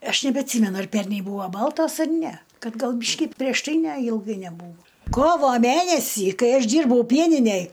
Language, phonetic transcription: Lithuanian, ˈaš nebeatˈsymenu ar ˈpernei ˈbūvo ˈbaltos ar ˈne ˈkad ˈgal ˈbyški prieš ˈtai ˈne ilˈgai neˈbūvo ˈkovo ˈmænesį ˈkai ˈaš ˈdyrbau ˈpieninej

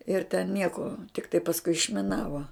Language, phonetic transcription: Lithuanian, ir ten ˈnieko tikˈtai pasˈkui išmiˈnavo

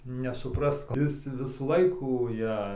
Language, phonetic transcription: Lithuanian, nesuˈprast ˈis ti ˈvisų ˈlaikų ˈja

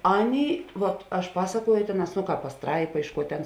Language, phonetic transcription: Lithuanian, ˈaˌnėi ˈvat aš ˈpasaˌkuoju ˈtėˌnās ˈno ˈkāp paˈstraipa ˈiš ˌkuo ˈtėn

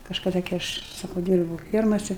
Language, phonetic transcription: Lithuanian, kažkaˈda gi ˈaš ˈsakau ˈdyrbūu ˈfiermase

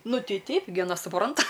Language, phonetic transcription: Lithuanian, ˈnu ˈtei ˈteip gi aˈna suˈpranta

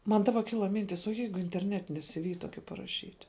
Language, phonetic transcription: Lithuanian, ˈman ˈdaba ˈkila ˈmintis o ˈjeigu interˈnetini siˈvi ˈtoki paraˈšyt'

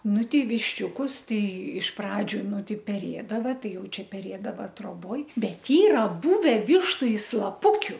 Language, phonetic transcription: Lithuanian, ˈnu ˈtei višˈčiūkus ˈtai iš ˈpradžiu ˈnu ˈtai peˈrėdava ˈtai ˈjau ˈčia peˈrėdava troˈboj ˈbet ˈyra ˈbuve ˈvištu i slaˈpukiu

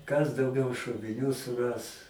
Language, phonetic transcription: Lithuanian, kas dauˈgiau šoviˈnių suˈras

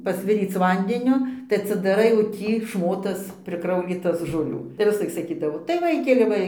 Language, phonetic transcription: Lithuanian, pasˈviryc ˈvandenio tai atsidaˈrai o ˈtį ˈšmotas priˈkraulytas žoˈlių tai visˈlaik saˈkydavo tai ˈvaikeli ˈva

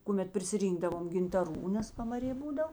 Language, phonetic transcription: Lithuanian, kuˈmet prisiˈrynkdavom gintaˈrų nes pamaˈrė ˈbūdav

